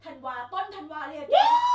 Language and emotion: Thai, happy